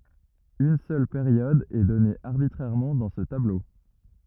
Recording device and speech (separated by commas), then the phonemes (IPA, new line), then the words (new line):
rigid in-ear microphone, read sentence
yn sœl peʁjɔd ɛ dɔne aʁbitʁɛʁmɑ̃ dɑ̃ sə tablo
Une seule période est donnée arbitrairement dans ce tableau.